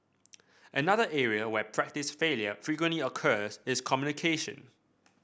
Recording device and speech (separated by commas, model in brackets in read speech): boundary microphone (BM630), read sentence